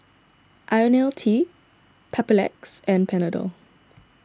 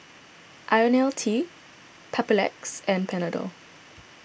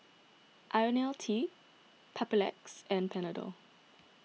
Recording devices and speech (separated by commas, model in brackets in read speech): standing microphone (AKG C214), boundary microphone (BM630), mobile phone (iPhone 6), read sentence